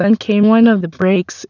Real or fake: fake